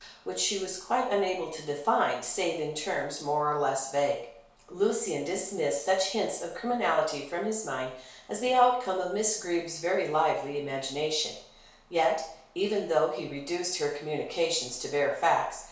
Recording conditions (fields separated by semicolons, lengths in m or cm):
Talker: one person; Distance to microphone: 1.0 m; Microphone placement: close; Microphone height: 1.1 m; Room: small (3.7 m by 2.7 m); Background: none